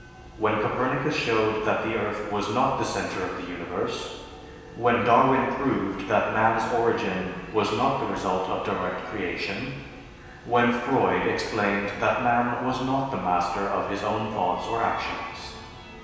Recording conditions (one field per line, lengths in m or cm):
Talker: one person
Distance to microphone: 1.7 m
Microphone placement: close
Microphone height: 1.0 m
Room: very reverberant, large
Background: music